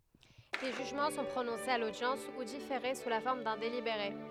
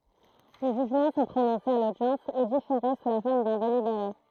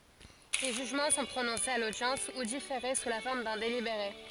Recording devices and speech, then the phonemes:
headset microphone, throat microphone, forehead accelerometer, read sentence
le ʒyʒmɑ̃ sɔ̃ pʁonɔ̃sez a lodjɑ̃s u difeʁe su la fɔʁm dœ̃ delibeʁe

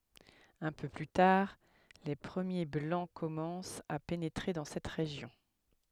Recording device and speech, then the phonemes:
headset microphone, read sentence
œ̃ pø ply taʁ le pʁəmje blɑ̃ kɔmɑ̃st a penetʁe dɑ̃ sɛt ʁeʒjɔ̃

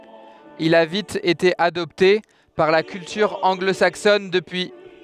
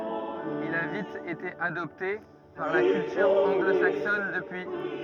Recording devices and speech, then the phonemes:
headset microphone, rigid in-ear microphone, read sentence
il a vit ete adɔpte paʁ la kyltyʁ ɑ̃ɡlo saksɔn dəpyi

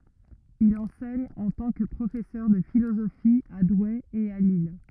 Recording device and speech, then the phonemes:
rigid in-ear microphone, read sentence
il ɑ̃sɛɲ ɑ̃ tɑ̃ kə pʁofɛsœʁ də filozofi a dwe e a lil

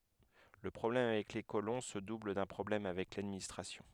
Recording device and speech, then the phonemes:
headset microphone, read sentence
lə pʁɔblɛm avɛk le kolɔ̃ sə dubl dœ̃ pʁɔblɛm avɛk ladministʁasjɔ̃

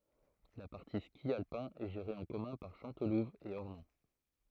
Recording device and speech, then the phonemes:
throat microphone, read sentence
la paʁti ski alpɛ̃ ɛ ʒeʁe ɑ̃ kɔmœ̃ paʁ ʃɑ̃tluv e ɔʁnɔ̃

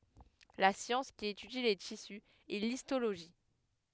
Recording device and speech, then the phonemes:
headset microphone, read sentence
la sjɑ̃s ki etydi le tisy ɛ listoloʒi

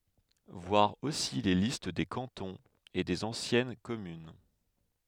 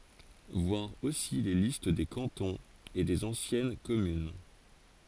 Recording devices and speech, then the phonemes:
headset microphone, forehead accelerometer, read sentence
vwaʁ osi le list de kɑ̃tɔ̃z e dez ɑ̃sjɛn kɔmyn

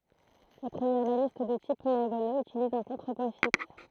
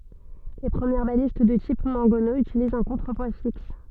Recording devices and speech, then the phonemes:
throat microphone, soft in-ear microphone, read sentence
le pʁəmjɛʁ balist də tip mɑ̃ɡɔno ytilizt œ̃ kɔ̃tʁəpwa fiks

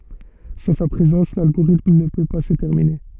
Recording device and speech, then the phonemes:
soft in-ear microphone, read sentence
sɑ̃ sa pʁezɑ̃s lalɡoʁitm nə pø pa sə tɛʁmine

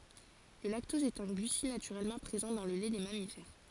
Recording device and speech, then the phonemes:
forehead accelerometer, read sentence
lə laktɔz ɛt œ̃ ɡlysid natyʁɛlmɑ̃ pʁezɑ̃ dɑ̃ lə lɛ de mamifɛʁ

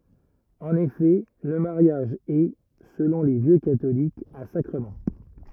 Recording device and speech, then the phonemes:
rigid in-ear microphone, read sentence
ɑ̃n efɛ lə maʁjaʒ ɛ səlɔ̃ le vjø katolikz œ̃ sakʁəmɑ̃

